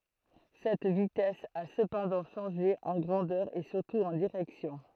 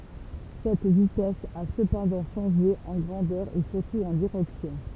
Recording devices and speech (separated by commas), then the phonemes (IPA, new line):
throat microphone, temple vibration pickup, read sentence
sɛt vitɛs a səpɑ̃dɑ̃ ʃɑ̃ʒe ɑ̃ ɡʁɑ̃dœʁ e syʁtu ɑ̃ diʁɛksjɔ̃